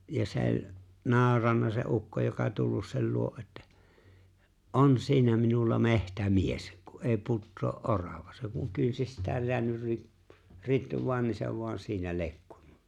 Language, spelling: Finnish, ja se oli nauranut se ukko joka tullut sen luo että on siinä minulla metsämies kun ei putoa orava se kun kynsistään jäänyt - ritvaan niin se vain siinä lekkui
- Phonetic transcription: ja 'se ‿o͕ĺ , 'naaᵒranna se '’ukko joka tullus sel 'luo ’että , » "’on "siinä minulla "mehtä"mies , ku '’ee 'puttoo’ "’orava « , se kuŋ 'kynsistääj jeänyr 'ri- 'ritv̀aan ni se voan 'siinä 'le̬kkᴜ .

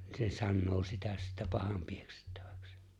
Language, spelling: Finnish, ne sanoi sitä sitten pahanpieksettämiseksi
- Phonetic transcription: ne 'sannoo 'sitä sittä 'pahampieksettᴀ̈ᴠᴀ̈ks .

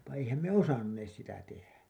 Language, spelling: Finnish, mutta eihän me osanneet sitä tehdä
- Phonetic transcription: mutta 'eihäm me "osannees 'sitä 'tehä .

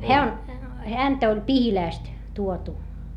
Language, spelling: Finnish, hän on häntä oli Pihilästä tuotu
- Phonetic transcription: heä on , häntä oĺ Pihilä̀st , tuotu .

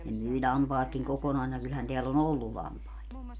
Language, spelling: Finnish, ne myi lampaatkin kokonaisina kyllähän täällä on ollut lampaita
- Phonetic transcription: ne 'myi 'ĺampaatkiŋ 'kokonaisina 'kylhän teäl ‿o"n ‿ollu 'lampaet .

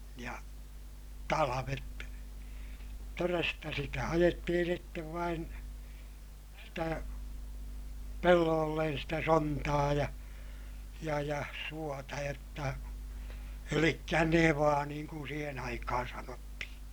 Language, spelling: Finnish, ja talvet todesta sitä ajettiin sitten vain sitä pelloille sitä sontaa ja ja ja suota jotta eli nevaa niin kuin siihen aikaan sanottiin
- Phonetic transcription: ja , talavet , toresta sitä ajettihin̬ sittev vain , sitä , pelloollen sitä sontaa ja , ja ja suota jotta , elikkä nevaa niiŋ kun siihen aikahan sanottihiḭ .

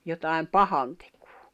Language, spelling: Finnish, jotakin pahantekoa
- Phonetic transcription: jotài̬m "pahantᴇkᴜᴜ .

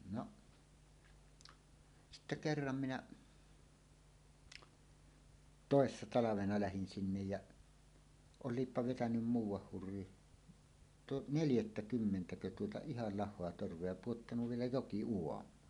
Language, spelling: Finnish, no sitten kerran minä toissa talvena lähdin sinne ja olipa vetänyt muuan hurri - neljättäkymmentäkö tuota ihan lahoa torvea ja pudottanut vielä jokiuomaan
- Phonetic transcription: 'noˀ , sitte "kerram 'minä , "tòessa 'talavena lähin 'sinnej jäˀ , 'ol̆liippa vetänym "muuw̆wah 'hurri , tu- , "neljättä"kymmentäkö tuota "ihal 'lah̆hoa 'torv̀ea ja "puottanuv "vielä "joki₍uom̀aan .

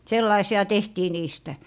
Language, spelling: Finnish, sellaisia tehtiin niistä
- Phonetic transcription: 'sellaisi₍a "tehtii niistä .

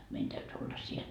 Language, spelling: Finnish, meidän täytyi olla siellä
- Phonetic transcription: 'mein täyty olla 'siel .

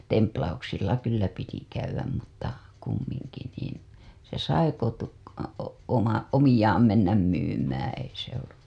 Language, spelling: Finnish, templauksilla kyllä piti käydä mutta kumminkin niin se sai - oma omiaan mennä myymään ei se ollut
- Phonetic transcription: 'templauksilla 'kyllä piti käywäm mutta , kummiŋki niin , se sai kotu- , oma , "omiʲaam 'mennäm 'myymäää̰ ei se ollu .

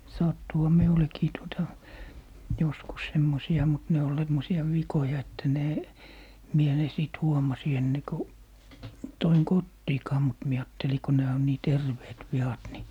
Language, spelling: Finnish, sattuihan minullekin tuota joskus semmoisia mutta ne oli semmoisia vikoja että ne minä ne sitten huomasin ennen kuin toin kotiinkaan mutta minä ajattelin kun nämä on niin terveet viat niin
- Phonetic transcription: 'sattuha "miulekii tuota , 'joskus 'semmosi₍a mut 'ne ol semmosi₍a "vikoja että 'ne , 'mie 'ne sìt "huomasi 'enne ku , 'toiŋ "kottiikaa mut mie 'aatteli ko 'nää on nii "terveet 'vi₍at ni ,.

